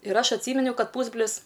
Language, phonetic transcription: Lithuanian, ir ˈaš atˈsyminiau ˈkad ˈpūsbrlis

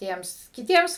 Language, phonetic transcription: Lithuanian, ˈtiems kiˈtiems

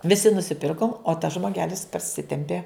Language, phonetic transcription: Lithuanian, viˈsi nusiˈpirkom o tas žmoˈgelis parˈsitempė

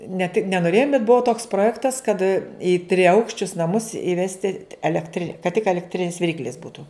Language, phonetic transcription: Lithuanian, ne ti ne noˈrėjum bet ˈbuo toks proˈjektas kad i triˈaukščius naˈmus iˈvesti elekˈtri kad tik elekˈtrinis viˈryklis ˈbūtu

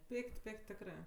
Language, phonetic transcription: Lithuanian, ˈpik't' ˈpik't' ˈtekrɜ

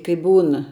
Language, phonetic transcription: Lithuanian, kai ˈbūn

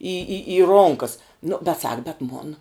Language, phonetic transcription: Lithuanian, į į į ˈronkas nu bet ˈsak bet ˈmon

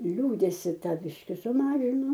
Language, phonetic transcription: Lithuanian, ˈliūdesi ˈta ˈbiški suˈmažinu

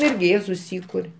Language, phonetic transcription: Lithuanian, ˈirgi ˈjie suˈsykur'

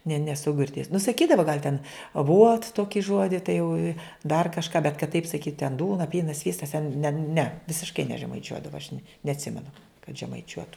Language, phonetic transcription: Lithuanian, ne neˈsu girˈdėjus nu saˈkydavo gal' ten aˈvuot ˈtoki ˈžuodi tai jau i dar kažˈką bet kad taip saˈkyt ten ˈdūna ˈpynas ˈsvystas ten ne ne visišˈkai nežemaiˈčiuodava aš ne neatˈsimenu kad žemaiˈčiuotu

